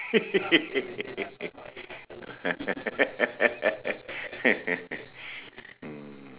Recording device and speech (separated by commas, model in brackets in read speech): telephone, conversation in separate rooms